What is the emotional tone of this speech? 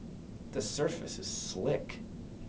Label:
neutral